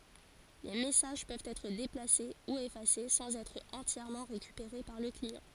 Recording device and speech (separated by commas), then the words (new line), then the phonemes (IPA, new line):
forehead accelerometer, read sentence
Les messages peuvent être déplacés ou effacés sans être entièrement récupérés par le client.
le mɛsaʒ pøvt ɛtʁ deplase u efase sɑ̃z ɛtʁ ɑ̃tjɛʁmɑ̃ ʁekypeʁe paʁ lə kliɑ̃